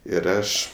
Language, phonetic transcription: Lithuanian, ir ˈaš

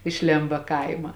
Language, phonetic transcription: Lithuanian, iš ˈlėmba ˈkaima

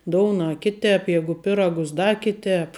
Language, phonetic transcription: Lithuanian, ˈdouna ˈkiˌtēp ˈjegu ˈpiragus ˈda ˈkiˌtēp

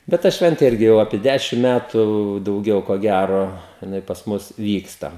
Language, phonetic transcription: Lithuanian, bet ˈta ˈšventė ˈirgi jau apie ˈdæšim ˈmætu dauˈgiau ko ˈgæro jiˈnai pas ˈmus ˈvyksta

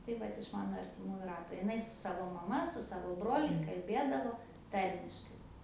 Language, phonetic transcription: Lithuanian, tai ˈvat iš ˈmano artiˈmųju ˈrato iˈnai su ˈsavo maˈma su ˈsavo ˈbroliais kalˈbėdavo ˈtarmiškai

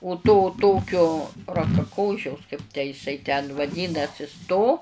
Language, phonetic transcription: Lithuanian, u to ˈtokio rakaˈkošiaus kaip tę jiˈsai ten vaˈdynasis to

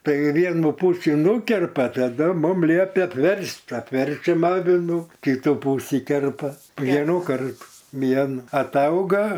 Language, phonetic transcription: Lithuanian, ˈtai ˈvienu ˈpūsį ˈnūkerpa taˈdu ˈmum ˈliep' apˈverst apˈverčiam ˈavinu kiˈtų ˈpusį ˈkerpa ˈvienu ˈkartu ˈvien atˈauga

